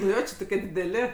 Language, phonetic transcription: Lithuanian, nu ˈjo ˈči toˈkie dideˈli

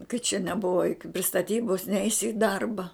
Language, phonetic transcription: Lithuanian, kad čia neˈbuva joˈkiu pri staˈtybos ˈneisi i ˈdarba

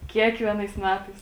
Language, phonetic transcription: Lithuanian, ˈkiekvienais ˈmetais

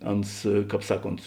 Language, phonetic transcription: Lithuanian, ˈans ˈkāp ˈsaˌkont

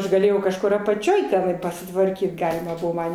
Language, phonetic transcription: Lithuanian, aš gaˈlėjau kažˈkur apaˈčioj teˈnai pasitvarˈkyt ˈgalima ˈbuvo ˈman

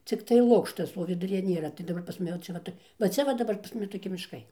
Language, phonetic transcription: Lithuanian, cikˈtai ˈlukštas o viduˈryje ˈnėra tai daˈbar pas maˈne ˈčia ˈva tai va ˈcia va daˈbar pas ˈmumi toˈki mišˈkai

